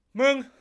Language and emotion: Thai, angry